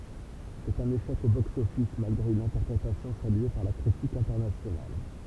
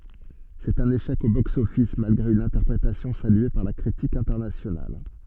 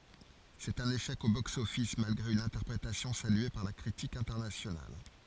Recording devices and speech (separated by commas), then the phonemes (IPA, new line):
temple vibration pickup, soft in-ear microphone, forehead accelerometer, read sentence
sɛt œ̃n eʃɛk o boksɔfis malɡʁe yn ɛ̃tɛʁpʁetasjɔ̃ salye paʁ la kʁitik ɛ̃tɛʁnasjonal